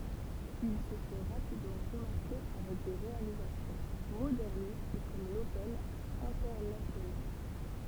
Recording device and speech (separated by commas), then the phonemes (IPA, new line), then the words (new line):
temple vibration pickup, read sentence
il sə fɛ ʁapidmɑ̃ ʁəmaʁke avɛk de ʁealizasjɔ̃ modɛʁnist kɔm lotɛl ɛ̃tɛʁnasjonal
Il se fait rapidement remarquer avec des réalisations modernistes comme l'Hotel Internacional.